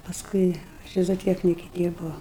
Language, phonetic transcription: Lithuanian, pasˈkui ˈči zoˈtieknike ˈdyrbau

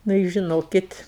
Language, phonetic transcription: Lithuanian, nu i žiˈnokit

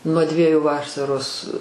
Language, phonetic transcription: Lithuanian, nuo ˈdvieju ˈvaˈsaros

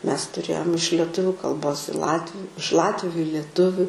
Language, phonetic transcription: Lithuanian, ˈmes tuˈrėjom iš leˈtuviu kalˈbos i ˈlatviu iš ˈlatviu i lieˈtuviu

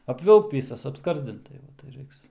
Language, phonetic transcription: Lithuanian, apˈvilkt ˈvysas apˈskardint tai ˈva tai ˈraiks

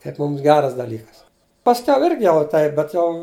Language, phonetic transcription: Lithuanian, kaip ˈmums ˈgeras daˈlykas pasˈkiau ˈirgi ˈjau ˈtaip bet ˈjau

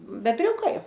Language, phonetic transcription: Lithuanian, bebˈriukai

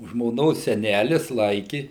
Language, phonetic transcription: Lithuanian, žmoˈnos seˈnælis ˈlaiki

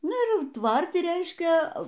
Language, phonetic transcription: Lithuanian, ˈnu ir ˈjau ˈtvarti ˈreiškia

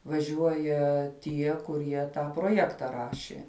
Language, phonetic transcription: Lithuanian, vaˈžiuoja ˈtie kuˈrie ˈtą proˈjekta ˈrašė

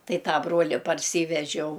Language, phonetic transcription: Lithuanian, ˈtai ˈtą ˈbruoli parˈsyvežiau

